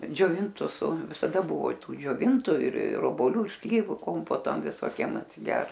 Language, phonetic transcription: Lithuanian, džioˈvintus su visaˈda ˈbuvo ˈtų džioˈvintu ir ir oboˈliu ir ˈslyvu ˈkompoto visoˈkiem atsiˈgert

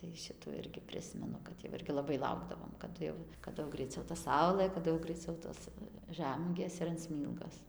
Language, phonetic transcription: Lithuanian, tai ˈšitų ˈirgi ˈprismenu kad jau ˈirgi laˈbai ˈlaukdavom kaˈdu jau kaˈdu jau ˈgraiˈciau ta ˈsaulɘ kaˈdu jau graiˈciau ˈtos ˈžæmuogės ir an ˈsmylgos

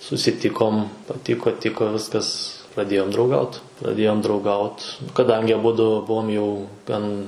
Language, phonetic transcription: Lithuanian, susiˈtikom paˈtiko ˈtiko ˈviskas praˈdėjom drauˈgaut praˈdėjom drauˈgaut kaˈdangi aˈbudu ˈbuvom jau ˈgan

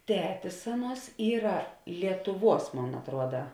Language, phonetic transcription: Lithuanian, ˈtetis ˈaˌnuos ˈyra lietuˈvuos ˈmon atˈruoda

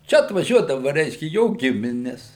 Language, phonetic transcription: Lithuanian, ˈčia atvaˈžiuodava ˈreiškia ˈjo ˈgimines

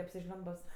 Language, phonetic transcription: Lithuanian, apsiˈžliumbus

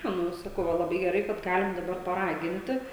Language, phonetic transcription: Lithuanian, ˈnu i saˈkau ˈva laˈbai geˈrai kad ˈgalim daˈbar paˈraginti

